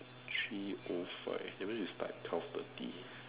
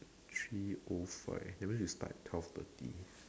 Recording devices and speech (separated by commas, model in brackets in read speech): telephone, standing microphone, conversation in separate rooms